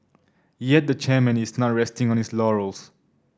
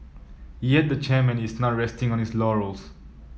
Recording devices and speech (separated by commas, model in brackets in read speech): standing microphone (AKG C214), mobile phone (iPhone 7), read sentence